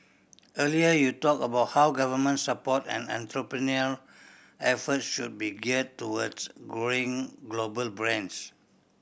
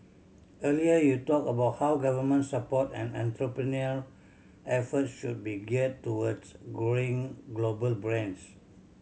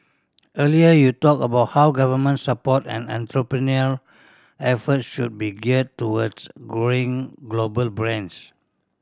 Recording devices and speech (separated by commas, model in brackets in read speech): boundary microphone (BM630), mobile phone (Samsung C7100), standing microphone (AKG C214), read sentence